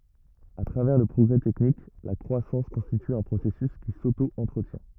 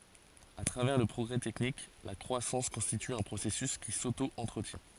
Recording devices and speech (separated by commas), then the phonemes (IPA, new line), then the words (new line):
rigid in-ear microphone, forehead accelerometer, read sentence
a tʁavɛʁ lə pʁɔɡʁɛ tɛknik la kʁwasɑ̃s kɔ̃stity œ̃ pʁosɛsys ki soto ɑ̃tʁətjɛ̃
À travers le progrès technique, la croissance constitue un processus qui s'auto-entretient.